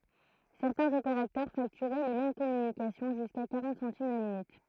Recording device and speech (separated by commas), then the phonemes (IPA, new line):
throat microphone, read sentence
sɛʁtɛ̃z opeʁatœʁ faktyʁɛ le mɛm kɔmynikasjɔ̃ ʒyska kaʁɑ̃t sɑ̃tim la minyt